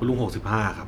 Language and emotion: Thai, neutral